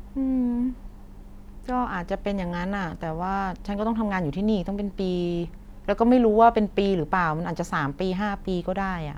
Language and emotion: Thai, frustrated